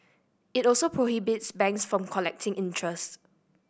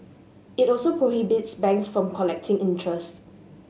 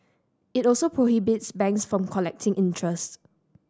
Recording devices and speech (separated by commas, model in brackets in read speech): boundary microphone (BM630), mobile phone (Samsung S8), standing microphone (AKG C214), read sentence